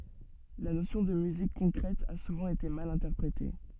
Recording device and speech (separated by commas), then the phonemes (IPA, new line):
soft in-ear microphone, read sentence
la nosjɔ̃ də myzik kɔ̃kʁɛt a suvɑ̃ ete mal ɛ̃tɛʁpʁete